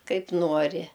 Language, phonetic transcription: Lithuanian, ˈkaip ˈnuori

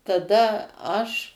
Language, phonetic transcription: Lithuanian, taˈda aš

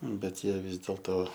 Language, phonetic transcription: Lithuanian, bet ˈjie ˈvis dėlto

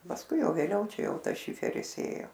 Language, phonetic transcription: Lithuanian, pasˈkui ˈjau vėˈliau ˈčia ˈjau ˈtas ˈšiferis ˈėjo

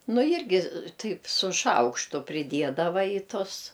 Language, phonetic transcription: Lithuanian, ˈnu ˈjirgi ˈtaip su ˈšaukštu priˈdiedava į ˈtus

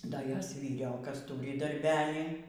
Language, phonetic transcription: Lithuanian, ˈda ˈjos vyˈriokas ˈtūri darˈbelį

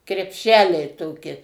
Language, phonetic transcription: Lithuanian, krepˈšeliai ˈtoki

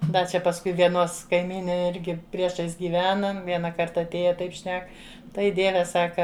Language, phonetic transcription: Lithuanian, ˈda čia pasˈkui vieˈnos kaiˈmynė ˈirgi prieˈšais gyˈvenam ˈviena ˈkarta atˈėja ˈtaip ˈšnek ˈtai ˈdieve ˈsaka

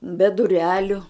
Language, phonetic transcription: Lithuanian, be duˈreliu

